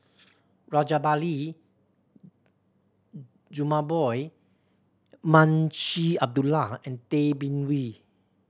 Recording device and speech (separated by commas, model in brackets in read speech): standing microphone (AKG C214), read sentence